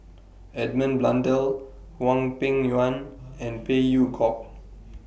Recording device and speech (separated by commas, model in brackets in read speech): boundary microphone (BM630), read sentence